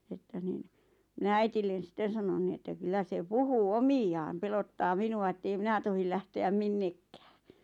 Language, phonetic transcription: Finnish, että nin , mⁱnä 'äitillen̬ 'sⁱt̆ten̬ sanon ni että 'kyllä se "puhuu "omiʲ aam 'pelottaa "minu₍a ettei 'minä tohil lähte₍äm "minnekkᴀ̈ᴀ̈ .
- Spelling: että niin minä äidille sitten sanoin niin että kyllä se puhuu - omiaan pelottaa minua että ei minä tohdi lähteä minnekään

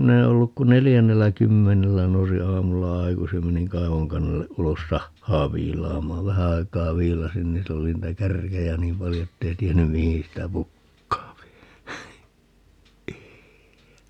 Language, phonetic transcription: Finnish, 'minä e olluk ku "nelijännellä 'kymmenellä - 'nousi "aamulla 'aikusij ja meniŋ 'kaivoŋkannelle 'ʼulos "sahhaa 'viilaamaav - 'vähä ai̮k̀aa 'viilasin ni 'sil ‿oli 'niitä "kärkejä "niim paljo 'ettei tienny "mihiḭ sitä "pukkaapi .
- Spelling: minä en ollut kuin neljännellä kymmenellä nousin aamulla aikaisin ja menin kaivonkannelle ulos sahaa viilaamaan vähän aikaa viilasin niin sillä oli niitä kärkiä niin paljon että ei tiennyt mihin sitä pukkaa

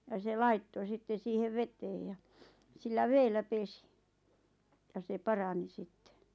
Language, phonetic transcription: Finnish, ja se "laitto 'sitte 'siihev 'veteej ja , sillä 'veellä "pesi , ja se "parani 'sitte .
- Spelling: ja se laittoi sitten siihen veteen ja sillä vedellä pesi ja se parani sitten

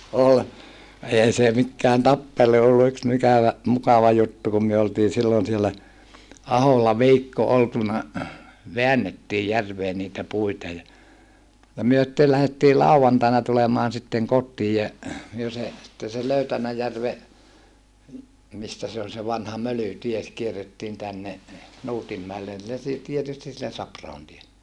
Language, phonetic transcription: Finnish, ol , eei se mikkään tappelu ollu yks mikävä , mukava juttu kum myö oltii sillon siellä , Aholla viikko oltuna , veännettiij järvee niitä puita ja , ja myö sⁱttel lähettii làuvantaina tulemaan sitteŋ kottiij jä , myö se , sitten̬ se Löytänäjärve , mistä se on vanha Mölytie , kierrettiin tänne , Nuutimmäellen (sillen si-) , tietysti sillen Saprahon tielle .
- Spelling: oli ei se mikään tappelu ollut yksi - mukava juttu kun me oltiin silloin siellä Aholla viikko oltu väännettiin järveen niitä puita ja ja me sitten lähdettiin lauantaina tulemaan sitten kotiin ja me se sitten se Löytänäjärven mistä se on vanha Mölytie kierrettiin tänne Nuutinmäelle sille - tietysti sille Sapra-ahon tielle

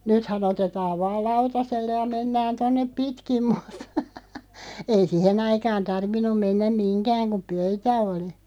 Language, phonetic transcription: Finnish, nythä'n ‿otetaav 'vaal "lautaselle ja 'mennän 'tonnep "pitkim muttᴀ , ei "sihen ‿aikaan 'tarvin̆num 'mennäm "miŋkääŋ kuᵐ "pöytä 'oli .
- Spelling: nythän otetaan vain lautaselle ja mennään tuonne pitkin mutta ei siihen aikaan tarvinnut mennä mihinkään kun pöytä oli

